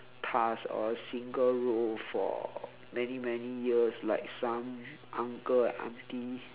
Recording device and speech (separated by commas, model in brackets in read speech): telephone, conversation in separate rooms